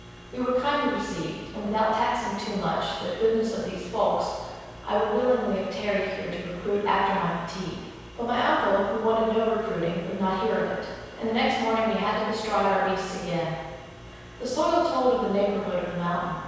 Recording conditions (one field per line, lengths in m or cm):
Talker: one person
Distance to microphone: 7.1 m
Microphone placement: far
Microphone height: 1.7 m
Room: very reverberant, large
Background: none